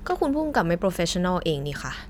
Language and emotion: Thai, frustrated